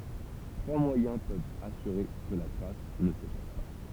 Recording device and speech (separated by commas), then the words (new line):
temple vibration pickup, read sentence
Trois moyens peuvent assurer que la trace ne s'efface pas.